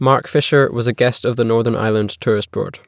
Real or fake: real